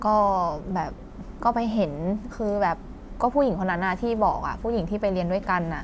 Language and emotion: Thai, neutral